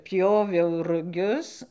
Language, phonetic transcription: Lithuanian, ˈpjoviau ruˈgius

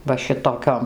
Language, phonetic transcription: Lithuanian, ˈva ˈšitoˌkiom

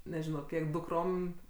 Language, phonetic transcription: Lithuanian, neˈžino ˈkiek dukˈrom

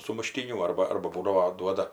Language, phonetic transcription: Lithuanian, sumuˈštynių ˈarba ˈarba ˈbūdavo ˈduoda

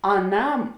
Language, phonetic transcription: Lithuanian, aˈnam

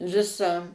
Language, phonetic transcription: Lithuanian, ˈvisą

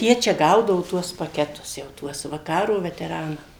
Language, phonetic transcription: Lithuanian, ˈjie čia ˈgaudavu ˈtuos paˈketus jau ˈtuos va ˈkaro veteˈranam

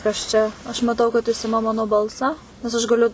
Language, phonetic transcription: Lithuanian, kas ˈčia aš maˈtau kad jis ˈima ˈmano ˈbalsą nes aš gaˈliu

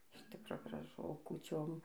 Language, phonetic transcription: Lithuanian, iš ˈtikro graˈžu o kūˈčiom

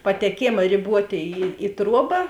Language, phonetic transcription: Lithuanian, pateˈkėma riˈbuotė ˈį i ˈtruoba

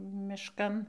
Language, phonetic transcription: Lithuanian, mišˈkan

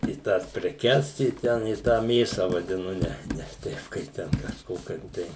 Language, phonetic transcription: Lithuanian, i ˈtąs preˈkes i ˈten i tą ˈmėsa vadiˈnu ˈne nes ˈteip ˈkaip ten kažˈkokiom ˈtai

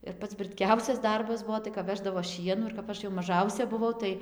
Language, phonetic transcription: Lithuanian, ir ˈpats brɨtˈkiausias ˈdarbas ˈbuo tai kap ˈveždavo ˈšienų ir kap ˈaš jau maˈžausia buˈvau ˈtai

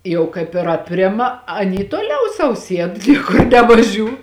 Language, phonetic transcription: Lithuanian, ˈjau kaip ir apˈrima aˈny tuoˈliau sau ˈsied ˈniekur nevaˈžiū

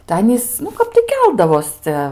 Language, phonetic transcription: Lithuanian, tai ˈanys nu ˈkap tai ˈkeldavos ˈcia

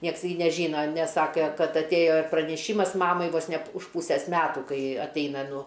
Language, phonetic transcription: Lithuanian, ˈnieks gi neˈžyna nes ˈsake ˈkad atˈėjo ir praneˈšymas ˈmamai vos ne p už ˈpūsės ˈmetų ˈkai atˈeina ˈnu

